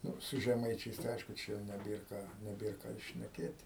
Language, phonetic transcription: Lithuanian, ˈnu su žeˈmaičiais tai ˈaišku ˈčia jau neˈbėr ˈką neˈbėr ˈką ir šneˈkėt'

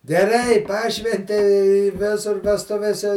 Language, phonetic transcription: Lithuanian, geˈrai ˈpašventei i ˈvisur vesˈtuvėse

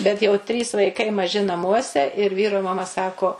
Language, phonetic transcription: Lithuanian, bet jau ˈtrys vaiˈkai maˈži naˈmuose ir ˈvyro maˈma ˈsako

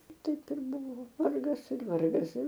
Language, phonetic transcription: Lithuanian, ˈtaip ir ˈbuvo ˈvargas ir ˈvargas ir

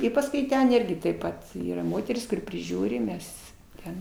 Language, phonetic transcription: Lithuanian, i pasˈkui ˈten ˈirgi taip ˈpat ˈyra ˈmoteris kuˈri priˈžiūri ˈmes ˈten

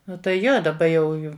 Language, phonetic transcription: Lithuanian, ˈnu tai ˈjo daˈba jau ˈju

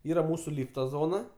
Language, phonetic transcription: Lithuanian, ˈyra ˈmūsu ˈlyfta ˈzona

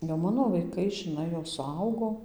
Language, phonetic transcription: Lithuanian, jau ˈmano vaiˈkai žiˈnai jau suˈaugo

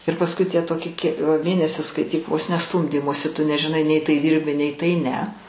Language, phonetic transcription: Lithuanian, ir pasˈkui tie ˈtoki kie va ˈmėnesis skaiˈtyk vos ne ˈstūmdymosi tu nežiˈnai nei tai ˈdyrbi nei tai ne

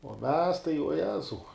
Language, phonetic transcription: Lithuanian, uo mes tai uo ˈjezau

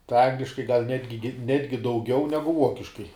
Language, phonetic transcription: Lithuanian, tai ˈangliškai gal ˈnetgi ˈnetgi dauˈgiau ˈnegu ˈuokiškai

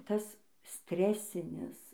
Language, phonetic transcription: Lithuanian, ˈtas ˈstresinis

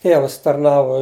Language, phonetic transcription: Lithuanian, ˈtėvas tarˈnavu

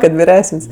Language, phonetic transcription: Lithuanian, kad viˈresən's'

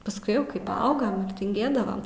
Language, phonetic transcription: Lithuanian, pasˈkui ˈjau ˈkai paˈaugam ir tinˈgėdavam

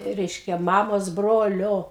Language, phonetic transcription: Lithuanian, ˈreiškia ˈmamos ˈbrolio

